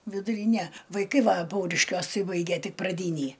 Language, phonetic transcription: Lithuanian, viduˈryne vaiˈkai ˈva ˈpauriškiuos ˈtai ˈbaige ˈtik praˈdynį

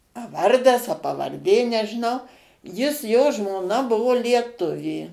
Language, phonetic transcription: Lithuanian, a ˈvardas a pavarˈdė nežiˈnau ˈjis jo žmoˈna ˈbuvo lieˈtuvė

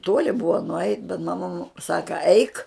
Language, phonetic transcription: Lithuanian, ˈtuoli bua nuˈait bet maˈma mu ˈsaka aik

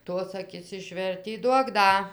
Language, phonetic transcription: Lithuanian, ˈtos aˈkis išˈvertį ˈduok ˈda

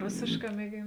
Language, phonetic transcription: Lithuanian, ˈrosėšˌkā mieˈgėn

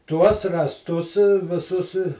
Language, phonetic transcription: Lithuanian, tuos rąsˈtus viˈsus

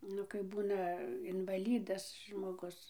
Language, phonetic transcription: Lithuanian, ˈnu kaip ˈbūna invaˈlydas žmoˈgus

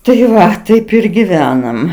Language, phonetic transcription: Lithuanian, tai ˈva ˈtaip ir giˈvenam

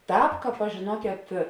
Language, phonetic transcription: Lithuanian, ˈtāp ˈkāp aš žėˈnuokėt

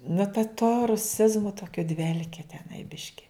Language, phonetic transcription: Lithuanian, nu ta to ruˈsizmu ˈtokiu ˈdvelkė teˈnai ˈbiški

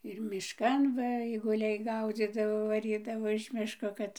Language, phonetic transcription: Lithuanian, ir mišˈkan ˈva aiguˈliai ˈgaudzydavo vaˈrydavo iš ˈmiško ˈkad

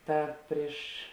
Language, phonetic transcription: Lithuanian, ˈtad ˈpriš

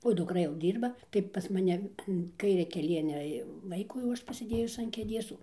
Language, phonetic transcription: Lithuanian, o dukˈra jau ˈdyrba tai pas maˈne an ˈkairia keˈlienia jau ˈvaikų jau ˈaš pasiˈdėjus an kėˈdės

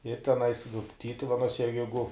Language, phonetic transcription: Lithuanian, ir teˈnais vi ˈtytuvenuose je ˈjeigu

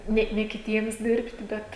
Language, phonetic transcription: Lithuanian, ˈne ne kiˈtiems ˈdirbti ˈbet

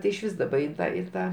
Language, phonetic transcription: Lithuanian, ti išˈvys ˈdaba in ˈtą i ˈtą

